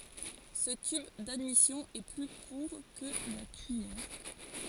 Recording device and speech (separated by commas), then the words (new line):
forehead accelerometer, read sentence
Ce tube d'admission est plus court que la tuyère.